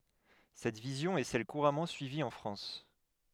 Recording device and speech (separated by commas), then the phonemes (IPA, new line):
headset microphone, read sentence
sɛt vizjɔ̃ ɛ sɛl kuʁamɑ̃ syivi ɑ̃ fʁɑ̃s